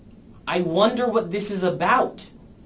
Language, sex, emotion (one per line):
English
male
fearful